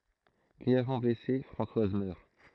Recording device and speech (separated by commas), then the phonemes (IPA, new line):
throat microphone, read sentence
ɡʁiɛvmɑ̃ blɛse fʁɑ̃swaz mœʁ